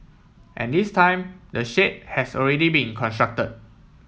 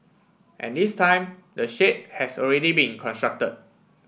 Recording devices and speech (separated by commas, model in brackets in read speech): mobile phone (iPhone 7), boundary microphone (BM630), read sentence